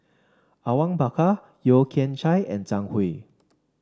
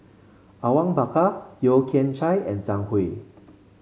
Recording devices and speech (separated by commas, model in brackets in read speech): standing microphone (AKG C214), mobile phone (Samsung C5), read sentence